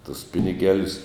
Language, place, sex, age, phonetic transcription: Lithuanian, Žemaitija, male, 60+, tus ˈpiniˌgelius

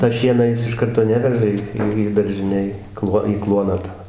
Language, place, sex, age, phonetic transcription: Lithuanian, Dzūkija, male, 60+, ta ˈšieną ˈjis iš ˈkarto ˈneveža į ˈį ˈį daržiˈnėj ˈkluo į ˈkluoną ta

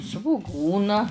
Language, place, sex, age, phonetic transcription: Lithuanian, Žemaitija, female, 60+, svuˈgūna

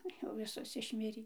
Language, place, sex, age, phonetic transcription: Lithuanian, Dzūkija, female, 60+, ˈjau ˈvisos išˈmirį

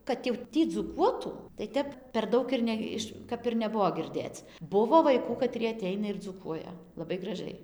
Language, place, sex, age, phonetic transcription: Lithuanian, Dzūkija, female, 18-60, kad jau ˈtį dzūˈkuotų tai ˈtep per ˈdaug ir ˈne iš kap ir neˈbuvo girˈdėc ˈbuvo vaiˈkų kaˈtrie aˈteina ir dzūˈkuoja laˈbai graˈžai

